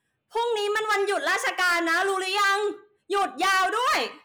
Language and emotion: Thai, angry